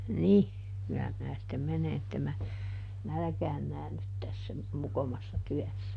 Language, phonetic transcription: Finnish, ˈnih , kyllä minä sⁱttem ˈmene ˈettem mä , "nälᵃ̈kään ˈnäännyt tässä , ˈmokomassa ˈtyässä .
- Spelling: niin kyllä minä sitten menen että en minä nälkään näänny tässä mokomassa työssä

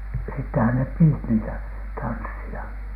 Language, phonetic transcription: Finnish, sittehän nep piit niitä , tanssi₍a .
- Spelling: sittenhän ne piti niitä tansseja

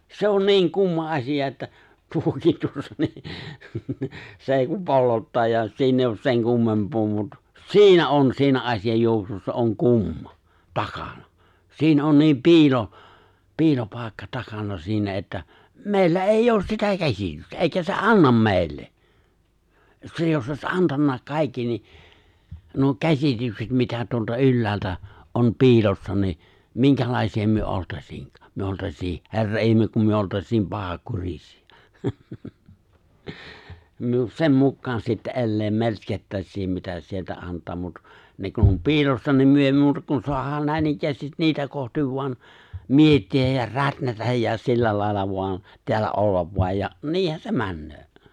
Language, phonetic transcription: Finnish, 'se on "ni̬iŋ 'kumma 'aśija että , 'tuokiit 'tuossa ni , se 'èi kum 'pollottaa ja 'siin ‿eijj ‿oos 'seŋ 'kummempoo mut , "si̬inä on 'si̬inä '’aśi₍aj ‿juoksussa "oŋ "kumma , 'takana , 'si̬in ‿on 'ni̬im "pi̬ilo , "pi̬ilopài̬kka "takana siinä että , 'mè̬illä "èij"j ‿oos sitä 'käs̀itystä , 'èikä se "’annam 'mèi̬lle , 'se jos ’oś '’antanna , 'kaikki ni , nuo 'käśitykset mitä tuolta 'ylläältä , ’om 'pi̬ilossa ni , 'miŋkälàisi₍a myö '’oltaśiin , 'myö 'oltas̀ii , 'he̬rra 'ihmek kum myö 'oltas̀iim 'pahakurisi₍ᴀ , myö 'sem 'mukkaan sitte̬ '’elleem 'melskettäśsiim mitä (se) sieltä 'ant̀aa mut , 'ne kun om 'piilossa niim myö èi 'muuta kun 'soahaan 'nä̀inikkäästit 'niitä kohtiv vo̭an , 'mietti₍äj ja 'rätnätäj ja 'sillä làilla voan , teällä '’ollav vo̭aj ja , 'niihän se "männöö .
- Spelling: se on niin kumma asia että tuokin tuossa niin se ei kuin pollottaa ja siinä ei ole sen kummempaa mutta siinä on siinä asian juoksussa on kumma takana siinä on niin piilo piilopaikka takana siinä että meillä ei ole sitä käsitystä eikä se anna meille se jos olisi antanut kaikki niin nuo käsitykset mitä tuolta ylhäältä on piilossa niin minkälaisia me oltaisiin me oltaisiin herra ihme kun me oltaisiin pahankurisia me sen mukaan sitten elää melskattaisiin mitä se sieltä antaa mutta ne kun on piilossa niin me ei muuta kuin saadaan näinikään niitä kohti vain miettiä ja rätnätä ja sillä lailla vain täällä olla vain ja niinhän se menee

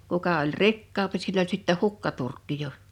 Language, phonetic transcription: Finnish, 'kuka oĺ "rikkaampi sill ‿oĺ sittä "hukkaturkki 'jo .
- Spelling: kuka oli rikkaampi sillä oli sitten hukkaturkki jo

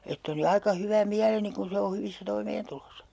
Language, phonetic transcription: Finnish, ett ‿oli 'aika 'hyvä "miäleni kun̬ 'se o 'hyvissä 'toimeentulosa .
- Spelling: että oli aika hyvä mieleni kun se on hyvissä toimeentuloissa

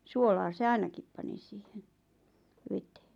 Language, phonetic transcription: Finnish, 'suolaa se "ainakip pani siihen₍ 'vetee .
- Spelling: suolaa se ainakin pani siihen veteen

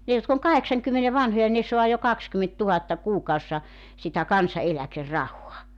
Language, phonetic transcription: Finnish, 'ne jotk ‿oŋ "kaheksaŋkymmene "vanhoja 'ne 'soa jo "kakskymenttuhatta 'kuukaussa , sitä 'kansa₍eläker"rahoa .
- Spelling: ne jotka on kahdeksankymmenen vanhoja ne saa jo kaksikymmentätuhatta kuukaudessa sitä kansaneläkerahaa

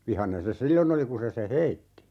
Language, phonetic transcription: Finnish, 'vihanen se "sillon ‿oli 'ku se se "heitti .
- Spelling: vihainen se silloin oli kun se sen heitti

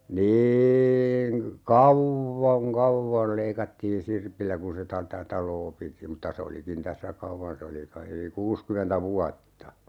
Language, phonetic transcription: Finnish, "niiiŋ ka- , "kauv̀voŋ 'kavvol 'leikattiin "sirpillä kun se ta - -tä "taloo piti mutta se 'olikin 'tässä "kawvan se oli kai yli "kuuskymentä 'vuatta .
- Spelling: niin - kauan kauan leikattiin sirpillä kun se - - taloa piti mutta se olikin tässä kauan se oli kai yli kuusikymmentä vuotta

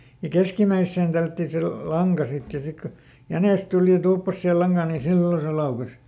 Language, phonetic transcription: Finnish, ja "keskimäisseen ˈtällätti se lu- , "laŋka ˈsit ja ja ˈsik ko , "jänès ˈtuli ja ˈtuuppas sihe ˈlaŋGaan niin̬ "sillo se ˈlaukes .
- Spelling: ja keskimmäiseen tällättiin se - lanka sitten ja ja sitten kun jänis tuli ja tuuppasi siihen lankaan niin silloin se laukesi

